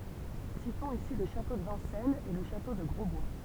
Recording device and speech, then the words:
temple vibration pickup, read sentence
Citons ici le château de Vincennes et le château de Grosbois.

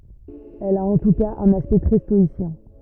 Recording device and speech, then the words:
rigid in-ear microphone, read sentence
Elle a en tout cas un aspect très stoïcien.

